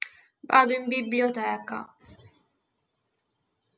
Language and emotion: Italian, sad